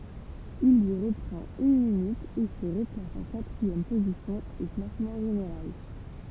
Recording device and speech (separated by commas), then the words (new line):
temple vibration pickup, read sentence
Il lui reprend une minute et se replace en quatrième position au classement général.